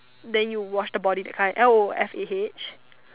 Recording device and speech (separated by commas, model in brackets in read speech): telephone, conversation in separate rooms